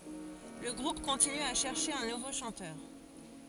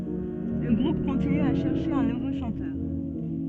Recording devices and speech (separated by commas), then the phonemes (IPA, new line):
forehead accelerometer, soft in-ear microphone, read sentence
lə ɡʁup kɔ̃tiny a ʃɛʁʃe œ̃ nuvo ʃɑ̃tœʁ